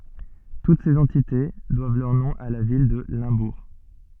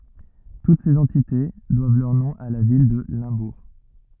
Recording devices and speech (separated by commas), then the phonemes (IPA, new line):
soft in-ear microphone, rigid in-ear microphone, read sentence
tut sez ɑ̃tite dwav lœʁ nɔ̃ a la vil də lɛ̃buʁ